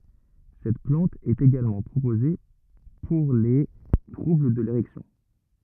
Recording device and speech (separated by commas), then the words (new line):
rigid in-ear microphone, read sentence
Cette plante est également proposée pour les troubles de l’érection.